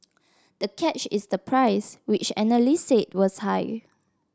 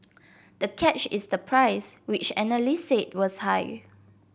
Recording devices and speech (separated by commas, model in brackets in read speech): standing microphone (AKG C214), boundary microphone (BM630), read sentence